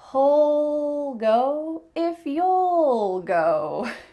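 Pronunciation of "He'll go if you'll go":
'He'll' and 'you'll' are said in a relaxed way, and each has an ul sound.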